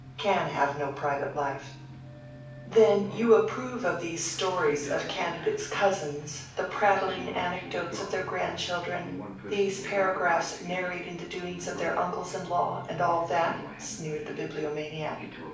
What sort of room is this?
A mid-sized room (about 5.7 m by 4.0 m).